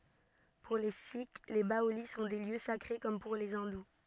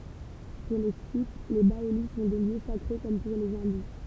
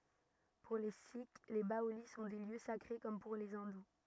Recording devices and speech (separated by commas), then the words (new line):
soft in-ear microphone, temple vibration pickup, rigid in-ear microphone, read sentence
Pour les sikhs, les baolis sont des lieux sacrés, comme pour les hindous.